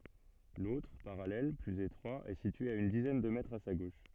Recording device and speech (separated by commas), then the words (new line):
soft in-ear microphone, read sentence
L'autre, parallèle, plus étroit, est situé à une dizaine de mètres à sa gauche.